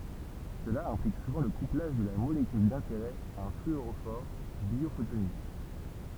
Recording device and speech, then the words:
temple vibration pickup, read sentence
Cela implique souvent le couplage de la molécule d'intérêt à un fluorophore biophotonique.

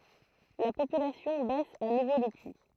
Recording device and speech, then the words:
throat microphone, read sentence
La population baisse à nouveau depuis.

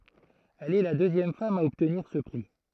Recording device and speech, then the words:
throat microphone, read sentence
Elle est la deuxième femme a obtenir ce prix.

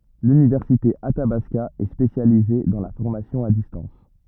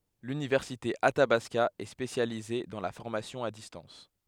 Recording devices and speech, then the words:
rigid in-ear microphone, headset microphone, read sentence
L'université Athabasca est spécialisée dans la formation à distance.

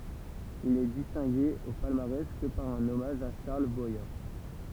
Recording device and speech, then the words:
temple vibration pickup, read sentence
Il n'est distingué au palmarès que par un hommage à Charles Boyer.

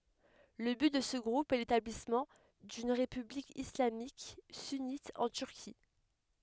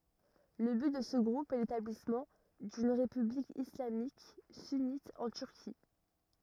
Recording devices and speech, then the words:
headset microphone, rigid in-ear microphone, read sentence
Le but de ce groupe est l'établissement d'une république islamique sunnite en Turquie.

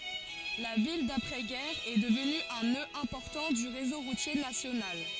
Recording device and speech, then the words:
forehead accelerometer, read sentence
La ville d'après-guerre est devenue un nœud important du réseau routier national.

